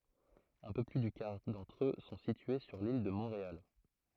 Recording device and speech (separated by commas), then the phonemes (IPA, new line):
throat microphone, read sentence
œ̃ pø ply dy kaʁ dɑ̃tʁ ø sɔ̃ sitye syʁ lil də mɔ̃ʁeal